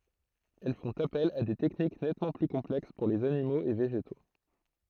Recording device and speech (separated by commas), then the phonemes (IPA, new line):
throat microphone, read sentence
ɛl fɔ̃t apɛl a de tɛknik nɛtmɑ̃ ply kɔ̃plɛks puʁ lez animoz e veʒeto